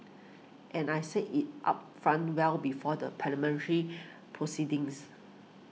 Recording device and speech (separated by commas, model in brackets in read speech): mobile phone (iPhone 6), read sentence